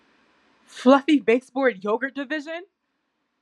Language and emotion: English, fearful